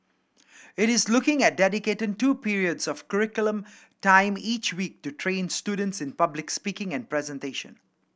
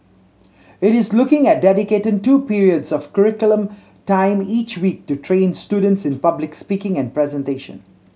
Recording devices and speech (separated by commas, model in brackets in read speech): boundary microphone (BM630), mobile phone (Samsung C7100), read sentence